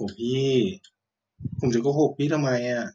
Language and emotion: Thai, frustrated